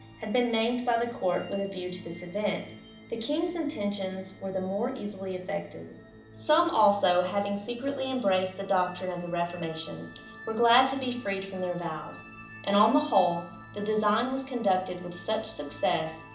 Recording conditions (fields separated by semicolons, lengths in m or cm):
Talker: one person; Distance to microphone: 2.0 m; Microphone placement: close; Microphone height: 99 cm; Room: medium-sized (5.7 m by 4.0 m); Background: music